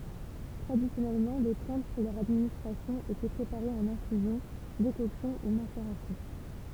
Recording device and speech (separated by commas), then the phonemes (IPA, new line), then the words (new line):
temple vibration pickup, read sentence
tʁadisjɔnɛlmɑ̃ le plɑ̃t puʁ lœʁ administʁasjɔ̃ etɛ pʁepaʁez ɑ̃n ɛ̃fyzjɔ̃ dekɔksjɔ̃ u maseʁasjɔ̃
Traditionnellement, les plantes pour leur administration étaient préparées en infusion, décoction ou macération.